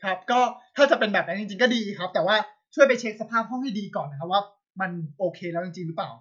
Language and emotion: Thai, frustrated